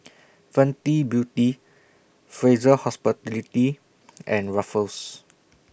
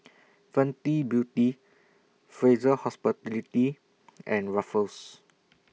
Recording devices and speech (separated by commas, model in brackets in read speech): boundary microphone (BM630), mobile phone (iPhone 6), read sentence